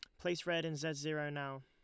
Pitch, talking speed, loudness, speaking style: 155 Hz, 250 wpm, -39 LUFS, Lombard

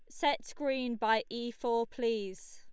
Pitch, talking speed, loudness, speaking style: 235 Hz, 155 wpm, -34 LUFS, Lombard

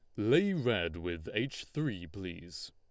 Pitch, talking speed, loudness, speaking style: 95 Hz, 145 wpm, -34 LUFS, Lombard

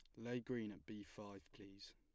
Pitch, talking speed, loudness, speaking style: 105 Hz, 205 wpm, -51 LUFS, plain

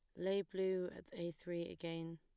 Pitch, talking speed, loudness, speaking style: 175 Hz, 185 wpm, -43 LUFS, plain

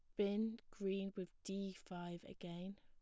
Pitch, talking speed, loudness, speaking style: 195 Hz, 140 wpm, -46 LUFS, plain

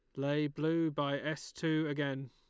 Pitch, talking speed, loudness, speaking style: 145 Hz, 170 wpm, -35 LUFS, Lombard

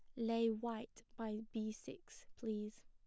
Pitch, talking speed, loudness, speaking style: 225 Hz, 135 wpm, -43 LUFS, plain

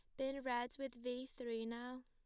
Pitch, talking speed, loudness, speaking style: 250 Hz, 195 wpm, -45 LUFS, plain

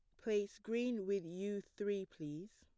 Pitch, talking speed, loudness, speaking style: 200 Hz, 150 wpm, -42 LUFS, plain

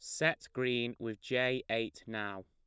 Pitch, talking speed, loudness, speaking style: 115 Hz, 160 wpm, -35 LUFS, plain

